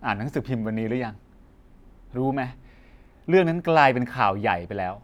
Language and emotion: Thai, frustrated